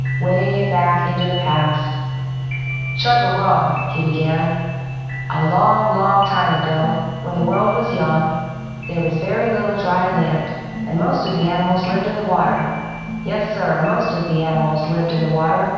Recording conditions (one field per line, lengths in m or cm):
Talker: one person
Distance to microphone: 7.1 m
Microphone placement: far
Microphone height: 1.7 m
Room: very reverberant, large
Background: music